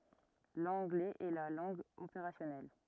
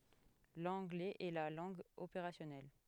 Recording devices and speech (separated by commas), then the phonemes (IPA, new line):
rigid in-ear microphone, headset microphone, read sentence
lɑ̃ɡlɛz ɛ la lɑ̃ɡ opeʁasjɔnɛl